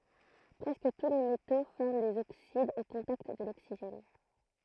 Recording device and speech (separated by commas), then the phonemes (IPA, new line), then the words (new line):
throat microphone, read sentence
pʁɛskə tu le meto fɔʁm dez oksidz o kɔ̃takt də loksiʒɛn
Presque tous les métaux forment des oxydes au contact de l'oxygène.